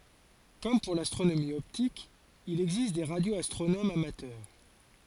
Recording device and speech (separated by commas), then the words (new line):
forehead accelerometer, read sentence
Comme pour l'astronomie optique, il existe des radioastronomes amateurs.